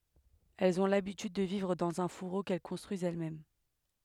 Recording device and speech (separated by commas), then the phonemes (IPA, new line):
headset microphone, read sentence
ɛlz ɔ̃ labityd də vivʁ dɑ̃z œ̃ fuʁo kɛl kɔ̃stʁyizt ɛlɛsmɛm